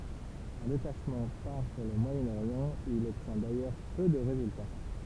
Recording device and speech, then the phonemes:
temple vibration pickup, read sentence
œ̃ detaʃmɑ̃ paʁ puʁ lə mwajənoʁjɑ̃ u il ɔbtjɛ̃ dajœʁ pø də ʁezylta

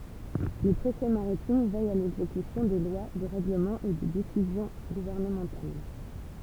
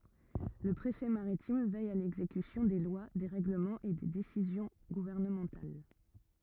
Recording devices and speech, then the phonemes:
temple vibration pickup, rigid in-ear microphone, read sentence
lə pʁefɛ maʁitim vɛj a lɛɡzekysjɔ̃ de lwa de ʁɛɡləmɑ̃z e de desizjɔ̃ ɡuvɛʁnəmɑ̃tal

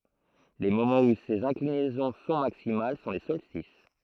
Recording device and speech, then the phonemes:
throat microphone, read sentence
le momɑ̃z u sez ɛ̃klinɛzɔ̃ sɔ̃ maksimal sɔ̃ le sɔlstis

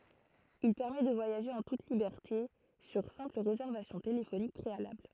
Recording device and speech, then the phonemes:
throat microphone, read sentence
il pɛʁmɛ də vwajaʒe ɑ̃ tut libɛʁte syʁ sɛ̃pl ʁezɛʁvasjɔ̃ telefonik pʁealabl

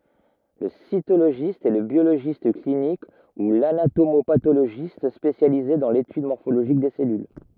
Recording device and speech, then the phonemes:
rigid in-ear microphone, read sentence
lə sitoloʒist ɛ lə bjoloʒist klinik u lanatomopatoloʒist spesjalize dɑ̃ letyd mɔʁfoloʒik de sɛlyl

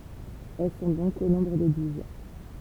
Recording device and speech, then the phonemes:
temple vibration pickup, read sentence
ɛl sɔ̃ dɔ̃k o nɔ̃bʁ də duz

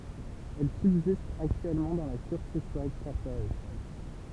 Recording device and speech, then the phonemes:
temple vibration pickup, read sentence
ɛl sybzist aktyɛlmɑ̃ dɑ̃ la kyʁtis wajt kɔʁpoʁasjɔ̃

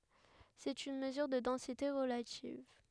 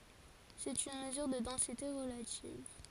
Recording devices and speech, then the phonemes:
headset microphone, forehead accelerometer, read sentence
sɛt yn məzyʁ də dɑ̃site ʁəlativ

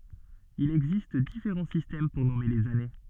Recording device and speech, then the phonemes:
soft in-ear microphone, read sentence
il ɛɡzist difeʁɑ̃ sistɛm puʁ nɔme lez ane

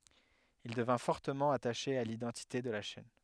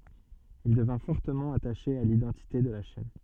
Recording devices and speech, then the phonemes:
headset microphone, soft in-ear microphone, read sentence
il dəvɛ̃ fɔʁtəmɑ̃ ataʃe a lidɑ̃tite də la ʃɛn

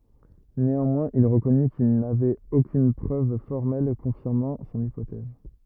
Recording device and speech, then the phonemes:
rigid in-ear microphone, read sentence
neɑ̃mwɛ̃z il ʁəkɔny kil navɛt okyn pʁøv fɔʁmɛl kɔ̃fiʁmɑ̃ sɔ̃n ipotɛz

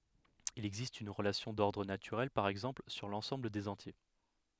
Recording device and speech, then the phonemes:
headset microphone, read sentence
il ɛɡzist yn ʁəlasjɔ̃ dɔʁdʁ natyʁɛl paʁ ɛɡzɑ̃pl syʁ lɑ̃sɑ̃bl dez ɑ̃tje

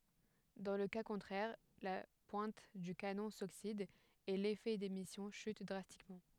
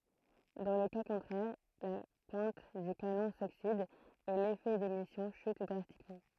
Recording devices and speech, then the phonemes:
headset microphone, throat microphone, read sentence
dɑ̃ lə ka kɔ̃tʁɛʁ la pwɛ̃t dy kanɔ̃ soksid e lefɛ demisjɔ̃ ʃyt dʁastikmɑ̃

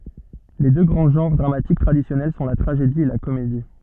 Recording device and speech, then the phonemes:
soft in-ear microphone, read sentence
le dø ɡʁɑ̃ ʒɑ̃ʁ dʁamatik tʁadisjɔnɛl sɔ̃ la tʁaʒedi e la komedi

